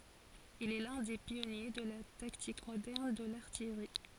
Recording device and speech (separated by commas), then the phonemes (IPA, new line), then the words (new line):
forehead accelerometer, read sentence
il ɛ lœ̃ de pjɔnje də la taktik modɛʁn də laʁtijʁi
Il est l'un des pionniers de la tactique moderne de l'artillerie.